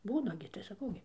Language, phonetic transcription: Lithuanian, ˈbūna gi tai saˈkau gi

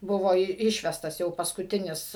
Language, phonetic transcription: Lithuanian, ˈbuvo i ˈišvestas jau paskuˈtinis

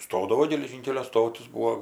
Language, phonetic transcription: Lithuanian, ˈstodavo geleˈžynkelio ˈstotis ˈbūo

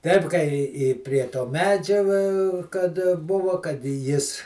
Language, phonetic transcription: Lithuanian, ˈteip kai i i prie to ˈmedžia va kad ˈbuvo kad i ˈjis

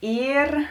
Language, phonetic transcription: Lithuanian, ˈyr

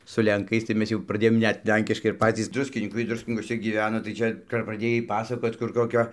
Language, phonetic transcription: Lithuanian, su lenˈkais tai ˈmes jau praˈdėjom ˈnet ˈlenkiškai ir ˈpacys ˈdruskinykai ˈdruskinykuose gyˈveno tai ˈčia kap praˈdėjai ˈpasakot kur koˈkio

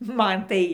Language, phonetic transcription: Lithuanian, ˈman ˈtai

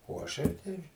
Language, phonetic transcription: Lithuanian, o aˈšai ˈtai

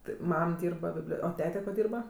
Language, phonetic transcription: Lithuanian, ti ˈmam ˈdyrba ˈbiblio o ˈtete ko ˈdyrba

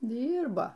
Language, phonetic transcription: Lithuanian, ˈdyrbo

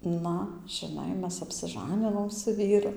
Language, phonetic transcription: Lithuanian, ˈna žiˈnai ˈmes apsiˈžaninom su ˈvyru

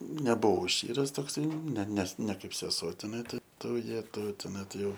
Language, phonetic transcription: Lithuanian, nebuˈvau ˈščyras tokˈsai ne nes ne ˈkaip seˈsuo teˈnai tai ˈtų ˈjetau teˈnai tai ˈjau

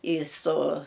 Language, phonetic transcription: Lithuanian, į so

